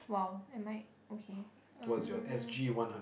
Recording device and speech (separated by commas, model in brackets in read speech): boundary microphone, conversation in the same room